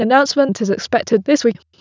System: TTS, waveform concatenation